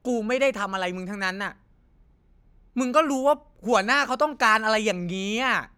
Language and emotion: Thai, frustrated